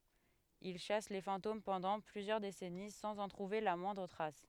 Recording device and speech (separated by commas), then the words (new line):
headset microphone, read sentence
Il chasse les fantômes pendant plusieurs décennies sans en trouver la moindre trace.